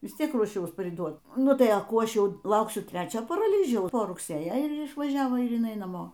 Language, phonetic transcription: Lithuanian, ˈvis ˈtiek ruoˈšiaus priˈduot ˈnu tai a ˈkų ˈaš ˈjau ˈlauksiu ˈtrečio paraˈlyžiaus po rugˈsėja ir išvaˈžiavo ir jiˈnai naˈmo

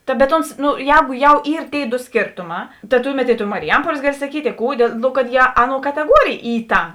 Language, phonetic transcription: Lithuanian, ta bet ˈons no ˈjēgu jau ˈyr tėi do ˈskėrtoˌmā ta ˈtuˌmet i to mariˈjampuolės ˈgaˌli saˈkyt' i ˈkų dėl ˈno kad jie ˈaˌnuo kateˈguorėjė ˈy ˈta

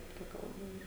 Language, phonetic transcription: Lithuanian, ˈta ˈkalba ˈyr

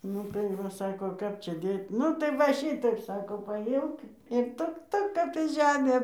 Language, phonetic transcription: Lithuanian, ˈnu tai ˈva ˈsako ˈkap ˈčia ˈdėt' ˈnu tai ˈva ˈšitaip ˈsako paˈjimk ir ˈtuk ˈtuk ˈkad ta ˈžemė

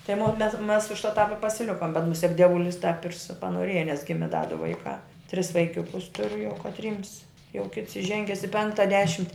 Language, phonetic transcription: Lithuanian, tai mo mes mes už tāp i pasiˈlikom bet muˈsiek dieˈvulis tap ir su panoˈrėja nes ˈgimi da du ˈvaikā tris vaiˈkiukus ˈturiu jau katˈryms jau kits iˈženges i ˈpenkta ˈdešimti

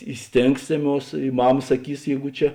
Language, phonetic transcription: Lithuanian, i ˈstėngsėˌmuos i ˈmama saˈkys ˈjeigu ˈčia

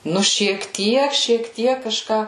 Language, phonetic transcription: Lithuanian, ˈnu šiek ˈtiek šiek ˈtiek kaˈžką

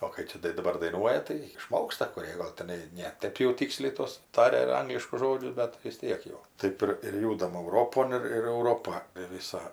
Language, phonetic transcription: Lithuanian, o kai ˈčia tai daˈbar daiˈnuoja tai iˈšmoksta kuˈrė gal teˈnai ne ˈtɜp jau ˈtyksliai ˈtuos ˈtaria ˈangliškus ˈžodžius ˈbet tai vis ˈtiek jau ˈtɜp ir ir ˈjūdam ˈauropon ir ir euˈropa viˈsa

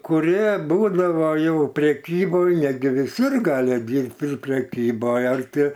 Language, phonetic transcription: Lithuanian, kuˈrie ˈbūdavo ˈjau preˈkyboj ˈnetgi viˈsur ˈgali apˈgint ir preˈkyboj ar ˈti

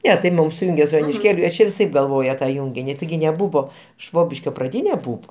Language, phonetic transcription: Lithuanian, ˈne tai ˈmum suˈjungė su jonišˈkėliu viˈsaip galˈvoja ta ˈjungini tiˈgi neˈbuvo ˈšvobiškio praˈdyne ˈbūvo

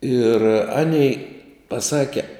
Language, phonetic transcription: Lithuanian, ir ˈanei paˈsake

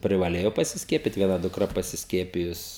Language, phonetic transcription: Lithuanian, privaˈlėjo pasisˈkiepit vieˈna dukˈra pasisˈkiepijus

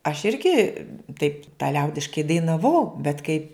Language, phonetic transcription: Lithuanian, aš ˈirgi taip ta ˈliaudiškai dainaˈvau bet kai

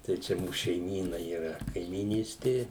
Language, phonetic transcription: Lithuanian, tai ˈčia ˈmūs šeiˈmyna yˈra kaimyˈnystė

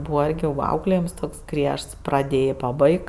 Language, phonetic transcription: Lithuanian, ˈbūva ˈirgi va ˈauklėjims ˈtoks ˈgriežts praˈdėjė paˈbaik

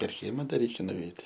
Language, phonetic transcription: Lithuanian, per ˈkiema da ˈreikia nuˈveit'

